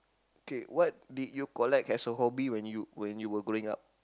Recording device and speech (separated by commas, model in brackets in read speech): close-talking microphone, conversation in the same room